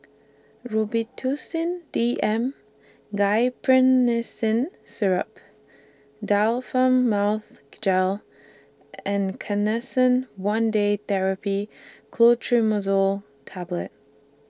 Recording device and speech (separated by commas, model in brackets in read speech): standing microphone (AKG C214), read sentence